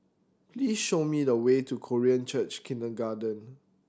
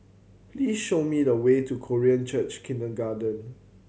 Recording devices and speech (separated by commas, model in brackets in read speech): standing microphone (AKG C214), mobile phone (Samsung C7100), read sentence